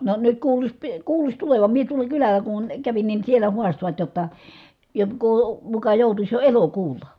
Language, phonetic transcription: Finnish, no nyt kuuluś , pi- , kuuluś tulevam mie tuola kyläl̀ä kun , kävin nin̬ sielä huastovat jotta , jokkoo , muka jòutuś jo elokuul̆la .
- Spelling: no nyt kuuluisi - kuuluisi tulevan minä tuolla kylällä kun kävin niin siellä haastoivat jotta joko muka joutuisi jo elokuulla

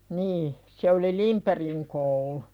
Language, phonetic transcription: Finnish, 'nii , se oli "Limperiŋ koulu .
- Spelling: niin se oli Lindbergin koulu

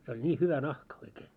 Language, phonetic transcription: Finnish, se oĺ "ńii hyvä 'nahka oikee .
- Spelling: se oli niin hyvä nahka oikein

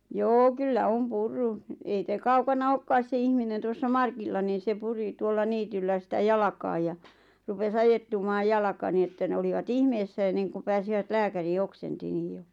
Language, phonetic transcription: Finnish, joo "kyllä 'om "purru , 'ei (se) "kaukana "okkaas se 'ihminen tuossa 'Markilla niin̬ se 'puri tuolla 'niityllä sitä 'jalakaaj ja , rupe's ‿ajettumaaj 'jalaka nii että 'ne olivat "ihmeessä enneŋkuᵐ pääsivät "lääkärii 'oksenti 'niiʲ jo .
- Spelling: joo kyllä on purrut ei se kaukana olekaan se ihminen tuossa Markilla niin se puri tuolla niityllä sitä jalkaan ja rupesi ajettumaan jalka niin että ne olivat ihmeessä ennen kuin pääsivät lääkäriin oksensi niin jo

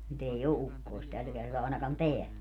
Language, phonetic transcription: Finnish, 'nyt ‿ei "o 'ukkoist 'täl kertaa 'àenakan "teäl .
- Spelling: nyt ei ole ukkosta tällä kertaa ainakaan täällä

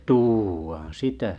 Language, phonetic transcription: Finnish, tûʷaan 'sitä .
- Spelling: tuodaan sitä

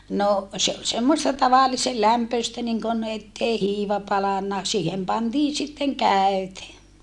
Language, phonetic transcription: Finnish, no , se ol semmosta tavallise lämpöistä niŋkon ettei hiiva palanna , siihem pantiin sitteŋ kä̀öte .
- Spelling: no se oli semmoista tavallisen lämpöistä niin kuin että ei hiiva palanut siihen pantiin sitten käyte

